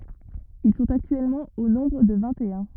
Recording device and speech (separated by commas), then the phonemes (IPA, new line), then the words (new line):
rigid in-ear microphone, read sentence
il sɔ̃t aktyɛlmɑ̃ o nɔ̃bʁ də vɛ̃ttœ̃
Ils sont actuellement au nombre de vingt-et-un.